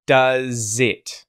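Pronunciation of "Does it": The z sound at the end of 'does' links straight onto the i vowel at the start of 'it'.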